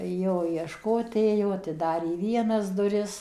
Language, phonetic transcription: Lithuanian, ˈjo iešˈkot ˈėjo atiˈdarė ˈvienas duˈris

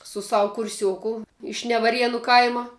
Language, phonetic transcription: Lithuanian, su ˈsavu kurˈsiuoku iš nevaˈrienu ˈkaima

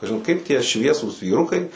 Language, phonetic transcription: Lithuanian, kažin ˈkaip tie ˈšviesūs vyˈrukai

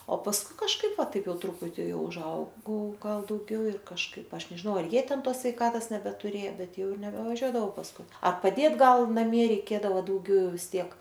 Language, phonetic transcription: Lithuanian, o pasˈkui kažˈkaip ˈva ˈtaip ˈjau ˈtruputi ˈjau užˈaugau ˈgal dauˈgiau ir kažˈkaip ˈaš nežiˈnau ar ˈjie ˈten ˈtos sveiˈkatos nebetuˈrėjo ˈbet ˈjau nebevaˈžiuodavau pasˈkui ar paˈdėt ˈgal naˈmie reiˈkėdavo dauˈgiau ˈjau vis ˈtiek

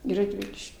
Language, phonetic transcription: Lithuanian, ˈį radˈviliš'k'

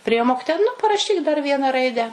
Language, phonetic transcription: Lithuanian, priˈėjo ˈmokitoja nu paraˈšyk dar ˈvieną ˈraidę

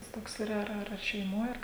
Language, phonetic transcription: Lithuanian, tas ˈtoks yˈra ˈar ˈar ar šeiˈmoj ˈar

